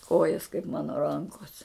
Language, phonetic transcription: Lithuanian, ˈkojas kaip ˈmano ˈrankos

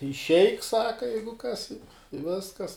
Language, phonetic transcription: Lithuanian, išˈeik ˈsaka ˈjeigu kas i i ˈviskas

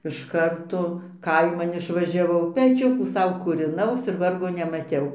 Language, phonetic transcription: Lithuanian, iš ˈkarto ˈkaiman išvažiaˈvau peˈčiukų ˈsau kūriˈnaus ir ˈvargo nemaˈtiau

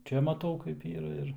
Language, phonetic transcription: Lithuanian, ˈčia maˈtau kaip ˈyra ir

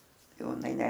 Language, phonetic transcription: Lithuanian, ˈjau iˈnai ˈne

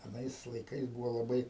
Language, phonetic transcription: Lithuanian, aˈnais laiˈkais ˈbūvo laˈbai

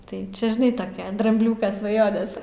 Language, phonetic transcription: Lithuanian, tai ˈčia žiˈnai taˈkia drambˈliūka svaˈjones

